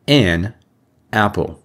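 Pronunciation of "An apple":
'An apple' is pronounced as two separate words.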